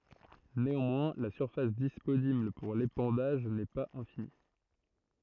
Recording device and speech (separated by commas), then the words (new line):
throat microphone, read sentence
Néanmoins, la surface disponible pour l'épandage n'est pas infinie.